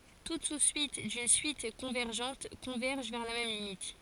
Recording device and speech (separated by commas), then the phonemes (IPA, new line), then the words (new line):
forehead accelerometer, read sentence
tut su syit dyn syit kɔ̃vɛʁʒɑ̃t kɔ̃vɛʁʒ vɛʁ la mɛm limit
Toute sous-suite d'une suite convergente converge vers la même limite.